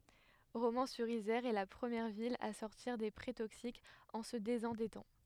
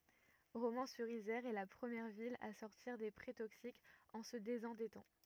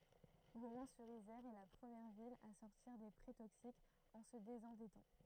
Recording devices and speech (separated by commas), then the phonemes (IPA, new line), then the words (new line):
headset microphone, rigid in-ear microphone, throat microphone, read sentence
ʁomɑ̃syʁizɛʁ ɛ la pʁəmjɛʁ vil a sɔʁtiʁ de pʁɛ toksikz ɑ̃ sə dezɑ̃dɛtɑ̃
Romans-sur-Isère est la première ville à sortir des prêts toxiques en se désendettant.